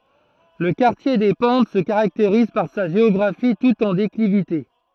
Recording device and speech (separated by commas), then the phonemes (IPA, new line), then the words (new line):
throat microphone, read sentence
lə kaʁtje de pɑ̃t sə kaʁakteʁiz paʁ sa ʒeɔɡʁafi tut ɑ̃ deklivite
Le quartier des Pentes se caractérise par sa géographie toute en déclivité.